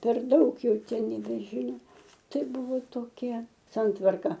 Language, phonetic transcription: Lithuanian, per ˈdaug ˈjau nebeˈžyno ˈtai ˈbuvo toˈkia ˈsantvarka

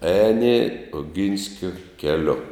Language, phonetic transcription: Lithuanian, ˈēni oˈginskio keˈliu

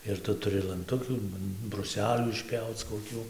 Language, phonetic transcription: Lithuanian, ir ˈtu tuˈri lanˈtukių bruˈselių išˈpjauc koˈkių

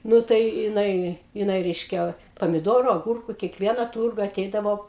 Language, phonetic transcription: Lithuanian, ˈnu tai jiˈnai jiˈnai ˈreiškia pamiˈdoru aˈgurku kieˈkviena ˈturga aˈteidavo

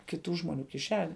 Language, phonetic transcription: Lithuanian, kiˈtų žmoˈnių kiˈšene

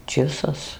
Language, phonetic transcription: Lithuanian, ˈčisas

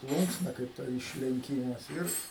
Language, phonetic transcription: Lithuanian, ˈplūnksna kaip ˈta išlenˈkymas ˈir

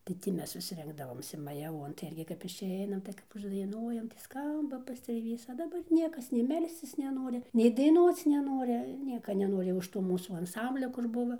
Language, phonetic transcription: Lithuanian, tai ˈtį ˈmes vis ˈrinkdavomsi majaˈvuon tai ˈirgi kap išˈeinam tai kap uždaiˈnuojam tai ˈskamba pastrėˈvys a daˈbar ˈniekas nei ˈmelscis neˈnori nei daiˈnuoc neˈnori ˈnieka neˈnori už ˈto ˈmūsų anˈsamblio kur ˈbuva

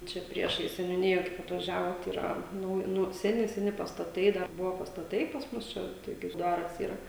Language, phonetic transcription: Lithuanian, ˈčia ˈpriešais seniuˈnija ˈkaip atvaˈžiavot yˈra ˈnu ˈnu seˈni seˈni pastaˈtai ˈdar ˈbuvo pastaˈtai pas ˈmus čia ˈtoki ir ˈdar vis ˈyra

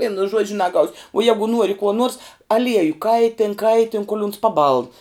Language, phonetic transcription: Lithuanian, ˈvienu ˈžuodžiu naˈgaus' uo ˈjegu ˈnuori kuo nuors aˈlieju ˈkaitėn ˈkaitėn kol uns paˈbaln

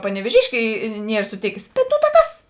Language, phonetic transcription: Lithuanian, panevėˈžiškė ˈnier suˈtėkės ˈbet ˈnū tā ˈkas

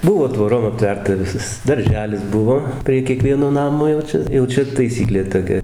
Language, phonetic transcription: Lithuanian, ˈbuvo tvoˈrom apˈtverta ˈvisas darˈželis ˈbuvo prie kieˈkvieno ˈnamo jau ˈčia jau ˈčia taiˈsyklė toˈkia

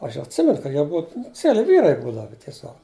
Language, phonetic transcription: Lithuanian, ˈaš atˈsimenu ka ˈjie ˈbua nu ˈcieli ˈvyrai ˈbūdava tieˈsiog

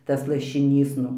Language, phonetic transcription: Lithuanian, ˈtas lašiˈnys ˈnu

